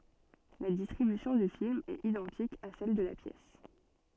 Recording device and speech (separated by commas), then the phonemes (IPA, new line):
soft in-ear microphone, read sentence
la distʁibysjɔ̃ dy film ɛt idɑ̃tik a sɛl də la pjɛs